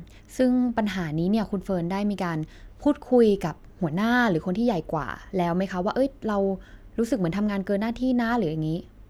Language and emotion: Thai, neutral